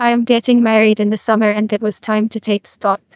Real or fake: fake